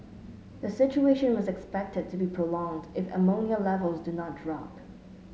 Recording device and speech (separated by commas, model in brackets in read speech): mobile phone (Samsung S8), read sentence